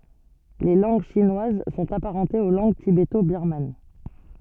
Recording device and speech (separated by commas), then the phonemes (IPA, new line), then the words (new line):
soft in-ear microphone, read sentence
le lɑ̃ɡ ʃinwaz sɔ̃t apaʁɑ̃tez o lɑ̃ɡ tibeto biʁman
Les langues chinoises sont apparentées aux langues tibéto-birmanes.